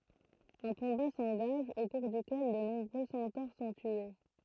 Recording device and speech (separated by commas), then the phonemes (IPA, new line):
throat microphone, read sentence
œ̃ kɔ̃ba sɑ̃ɡaʒ o kuʁ dykɛl də nɔ̃bʁø sɑ̃toʁ sɔ̃ tye